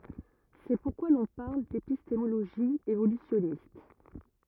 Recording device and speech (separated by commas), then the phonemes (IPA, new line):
rigid in-ear microphone, read sentence
sɛ puʁkwa lɔ̃ paʁl depistemoloʒi evolysjɔnist